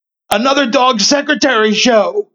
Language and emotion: English, happy